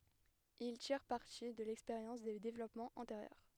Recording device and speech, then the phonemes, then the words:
headset microphone, read sentence
il tiʁ paʁti də lɛkspeʁjɑ̃s de devlɔpmɑ̃z ɑ̃teʁjœʁ
Ils tirent parti de l'expérience des développements antérieurs.

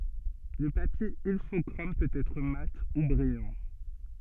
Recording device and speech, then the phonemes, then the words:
soft in-ear microphone, read sentence
lə papje ilfɔkʁom pøt ɛtʁ mat u bʁijɑ̃
Le papier Ilfochrome peut être mat ou brillant.

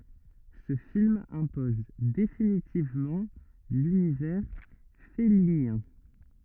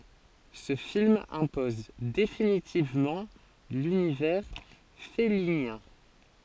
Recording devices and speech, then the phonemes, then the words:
rigid in-ear microphone, forehead accelerometer, read sentence
sə film ɛ̃pɔz definitivmɑ̃ lynivɛʁ fɛlinjɛ̃
Ce film impose définitivement l'univers fellinien.

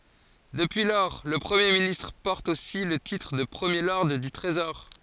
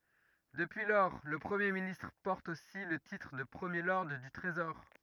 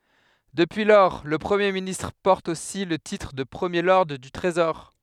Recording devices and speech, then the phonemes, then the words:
forehead accelerometer, rigid in-ear microphone, headset microphone, read sentence
dəpyi lɔʁ lə pʁəmje ministʁ pɔʁt osi lə titʁ də pʁəmje lɔʁd dy tʁezɔʁ
Depuis lors, le Premier ministre porte aussi le titre de premier lord du Trésor.

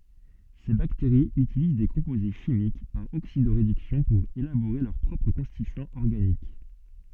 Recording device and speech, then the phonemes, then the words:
soft in-ear microphone, read sentence
se bakteʁiz ytiliz de kɔ̃poze ʃimik paʁ oksido ʁedyksjɔ̃ puʁ elaboʁe lœʁ pʁɔpʁ kɔ̃stityɑ̃z ɔʁɡanik
Ces bactéries utilisent des composés chimiques, par oxydo-réduction pour élaborer leurs propres constituants organiques.

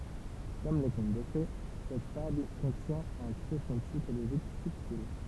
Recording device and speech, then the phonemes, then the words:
temple vibration pickup, read sentence
kɔm le kɔ̃t də fe sɛt fabl kɔ̃tjɛ̃ œ̃ tʁefɔ̃ psikoloʒik sybtil
Comme les contes de fées, cette fable contient un tréfonds psychologique subtil.

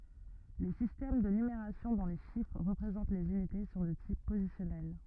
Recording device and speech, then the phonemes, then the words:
rigid in-ear microphone, read sentence
le sistɛm də nymeʁasjɔ̃ dɔ̃ le ʃifʁ ʁəpʁezɑ̃t lez ynite sɔ̃ də tip pozisjɔnɛl
Les systèmes de numération dont les chiffres représentent les unités sont de type positionnel.

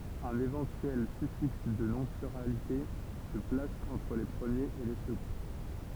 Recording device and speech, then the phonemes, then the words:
temple vibration pickup, read sentence
œ̃n evɑ̃tyɛl syfiks də nɔ̃ plyʁalite sə plas ɑ̃tʁ le pʁəmjez e le səɡɔ̃
Un éventuel suffixe de non pluralité se place entre les premiers et les seconds.

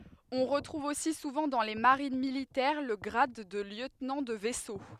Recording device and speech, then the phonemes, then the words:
headset microphone, read sentence
ɔ̃ ʁətʁuv osi suvɑ̃ dɑ̃ le maʁin militɛʁ lə ɡʁad də ljøtnɑ̃ də vɛso
On retrouve aussi souvent dans les marines militaires le grade de lieutenant de vaisseau.

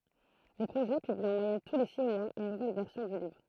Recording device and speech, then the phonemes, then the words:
throat microphone, read sentence
lə pʁoʒɛ pybli ɑ̃ mwajɛn tu le si mwaz yn nuvɛl vɛʁsjɔ̃ dy livʁ
Le projet publie en moyenne tous les six mois une nouvelle version du livre.

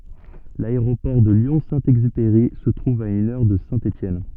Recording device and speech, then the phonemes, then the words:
soft in-ear microphone, read sentence
laeʁopɔʁ də ljɔ̃ sɛ̃ ɛɡzypeʁi sə tʁuv a yn œʁ də sɛ̃ etjɛn
L'aéroport de Lyon-Saint-Exupéry se trouve à une heure de Saint-Étienne.

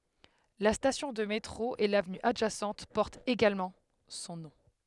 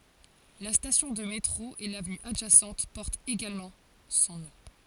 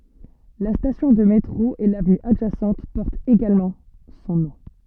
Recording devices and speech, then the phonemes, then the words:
headset microphone, forehead accelerometer, soft in-ear microphone, read sentence
la stasjɔ̃ də metʁo e lavny adʒasɑ̃t pɔʁtt eɡalmɑ̃ sɔ̃ nɔ̃
La station de métro et l'avenue adjacente portent également son nom.

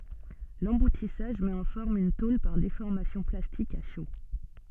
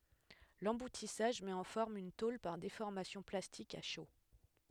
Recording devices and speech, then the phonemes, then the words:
soft in-ear microphone, headset microphone, read sentence
lɑ̃butisaʒ mɛt ɑ̃ fɔʁm yn tol paʁ defɔʁmasjɔ̃ plastik a ʃo
L'emboutissage met en forme une tôle par déformation plastique à chaud.

